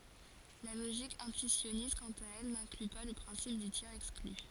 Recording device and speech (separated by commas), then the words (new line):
forehead accelerometer, read sentence
La logique intuitionniste, quant à elle, n'inclut pas le principe du tiers-exclu.